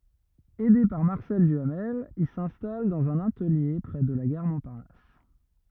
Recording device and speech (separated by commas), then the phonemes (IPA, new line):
rigid in-ear microphone, read sentence
ɛde paʁ maʁsɛl dyamɛl il sɛ̃stal dɑ̃z œ̃n atəlje pʁɛ də la ɡaʁ mɔ̃paʁnas